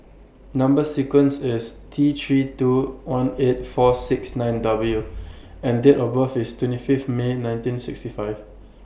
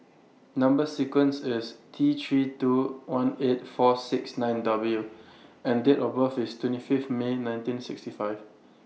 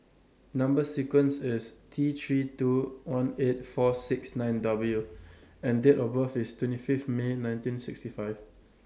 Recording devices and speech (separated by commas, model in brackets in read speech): boundary microphone (BM630), mobile phone (iPhone 6), standing microphone (AKG C214), read sentence